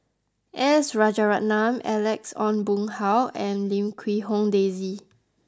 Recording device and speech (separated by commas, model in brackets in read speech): close-talking microphone (WH20), read sentence